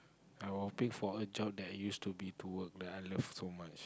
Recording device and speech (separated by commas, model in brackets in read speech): close-talking microphone, conversation in the same room